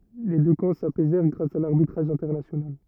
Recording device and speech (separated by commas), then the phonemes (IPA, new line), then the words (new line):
rigid in-ear microphone, read sentence
le dø kɑ̃ sapɛzɛʁ ɡʁas a laʁbitʁaʒ ɛ̃tɛʁnasjonal
Les deux camps s'apaisèrent grâce à l'arbitrage international.